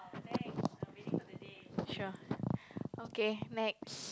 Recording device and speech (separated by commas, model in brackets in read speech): close-talking microphone, conversation in the same room